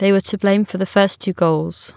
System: none